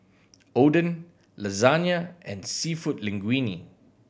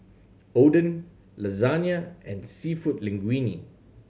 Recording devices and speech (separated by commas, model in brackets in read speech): boundary microphone (BM630), mobile phone (Samsung C7100), read sentence